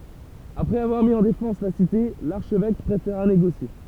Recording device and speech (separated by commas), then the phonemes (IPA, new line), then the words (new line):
temple vibration pickup, read sentence
apʁɛz avwaʁ mi ɑ̃ defɑ̃s la site laʁʃvɛk pʁefeʁa neɡosje
Après avoir mis en défense la cité, l'archevêque préféra négocier.